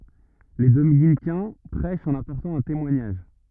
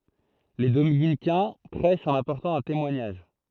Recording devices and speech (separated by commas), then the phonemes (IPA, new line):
rigid in-ear microphone, throat microphone, read sentence
le dominikɛ̃ pʁɛʃt ɑ̃n apɔʁtɑ̃ œ̃ temwaɲaʒ